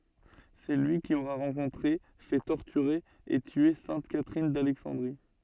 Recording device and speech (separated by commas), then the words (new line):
soft in-ear microphone, read sentence
C'est lui qui aurait rencontré, fait torturer et tuer sainte Catherine d'Alexandrie.